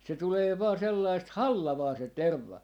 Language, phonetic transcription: Finnish, se 'tulee vaa 'sellaist "hallavaa se "tervva .
- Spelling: se tulee vain sellaista hallavaa se terva

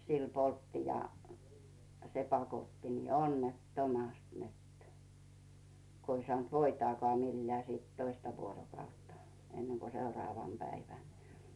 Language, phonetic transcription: Finnish, sil 'poltti ja , se 'pakotti nii "onnet"tomast net , 'ko ‿i sᵒànt "voitaakaa 'millää siit 'toista vuorokautta , enneŋko 'seuraavan päivän .
- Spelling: sillä poltti ja se pakotti niin onnettomasti että kun ei saanut voitaakaan millään sitten toista vuorokautta ennen kuin seuraavana päivänä

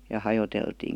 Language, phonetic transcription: Finnish, ja 'hajoteltiin̬ .
- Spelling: ja hajoteltiin

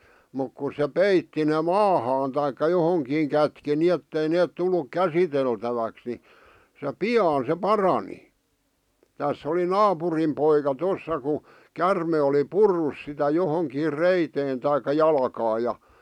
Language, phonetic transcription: Finnish, muk kus̆ se "peitti ne "maahaan taikka 'johoŋkiiŋ kätki ni'ettei 'neet 'tulluk "käsiteltäväks ni , se "pi₍aan se "parani , 'täss ‿oli "naapurim poika 'tossa ku , 'kärme oli "purrus sitä 'johoŋkiir "reiteen taik̆ka "jalᵃkaaj ja .
- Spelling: mutta kun se peitti ne maahan tai johonkin kätki niin ettei ne tullut käsiteltäväksi niin se pian se parani tässä oli naapurin poika tuossa kun käärme oli purrut sitä johonkin reiteen tai jalkaan ja

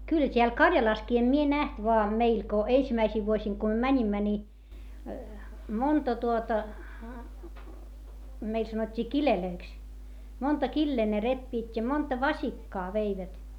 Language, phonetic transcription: Finnish, kylʰᵃ̈ t́eäl Karjalaskii - em mie näht voa meil ko , eisimäisiv vuosiŋ ko ᵐʸᵒ̈ mäńimmä ni , monta tuota , meil sanot́t́ii kilelöiks , monta killee ne reppiit́ ja monta vasikkaa veivät .
- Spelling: kyllähän täällä Karjalassakin en minä nähnyt vaan meillä kun ensimmäisinä vuosina kun me menimme niin monta tuota meille sanottiin kileiksi monta kiliä ne repivät ja monta vasikkaa veivät

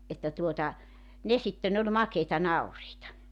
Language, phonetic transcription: Finnish, että tuota , 'ne sitte'n ‿oĺ "makeita 'nauriita .
- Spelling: että tuota ne sitten oli makeita nauriita

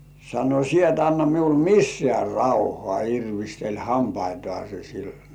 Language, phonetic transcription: Finnish, sano » 'sie et anna miul "missĕä̀ 'rauhŏà « 'irvisteĺ "hampaitŏàse sil .
- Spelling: sanoi sinä et anna minulle missään rauhaa irvisteli hampaitaan sille

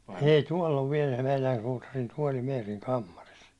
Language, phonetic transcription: Finnish, ei 'tuål ov viɛl meilän suutarin 'tuåli meeriŋ "kammaris .
- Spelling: ei tuolla on vielä meidän suutarin tuoli Meerin kammarissa

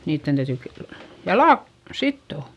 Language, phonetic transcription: Finnish, niitten täytỳ k- , jalà k- , sittò .
- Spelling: niiden täytyy - jalat - sitoa

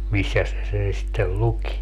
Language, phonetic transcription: Finnish, 'missäs se 'sen sittel "luki .
- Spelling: missäs se sen sitten luki

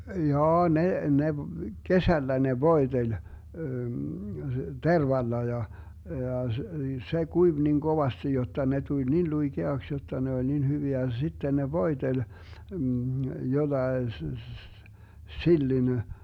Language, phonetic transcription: Finnish, 'jaa 'ne , 'ne , "kesällä 'ne "voi̮teĺ , "tervalla ja , 'ja s- , 'se "kuiv nin "Govasti 'jotta 'ne 'tuĺ "nin 'luiGeaks 'jotta 'ne 'oĺ "nin 'hyviä , (ja) 'sitten ne "voi̮teĺ , 'jollae s- , 'sillin ,.
- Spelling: jaa ne ne kesällä ne voiteli tervalla ja ja - se kuivui niin kovasti jotta ne tuli niin luikeaksi jotta ne oli niin hyviä ja sitten ne voiteli jollakin - sillin

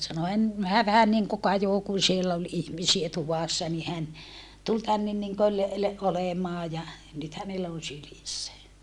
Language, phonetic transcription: Finnish, sano » en , hää vähän niŋku kajò kun̬ siell ‿ol ihmisie tuvàssa ni hän , tul tännen niŋköl le- , olemaa ja , nyt hänellä on̬ sylissä » .
- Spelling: sanoi en hän vähän niin kuin kajosi kun siellä oli ihmisiä tuvassa niin hän tuli tänne niin kuin - olemaan ja nyt hänellä on sylissä

